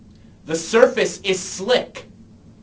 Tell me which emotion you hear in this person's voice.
angry